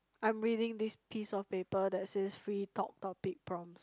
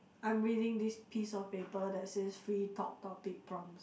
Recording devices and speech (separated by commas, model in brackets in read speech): close-talking microphone, boundary microphone, conversation in the same room